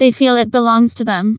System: TTS, vocoder